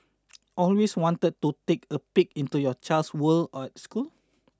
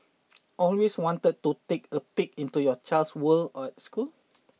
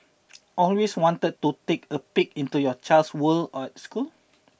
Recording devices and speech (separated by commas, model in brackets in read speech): standing microphone (AKG C214), mobile phone (iPhone 6), boundary microphone (BM630), read sentence